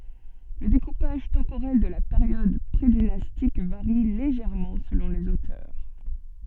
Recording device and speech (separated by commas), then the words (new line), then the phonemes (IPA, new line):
soft in-ear microphone, read sentence
Le découpage temporel de la période prédynastique varie légèrement selon les auteurs.
lə dekupaʒ tɑ̃poʁɛl də la peʁjɔd pʁedinastik vaʁi leʒɛʁmɑ̃ səlɔ̃ lez otœʁ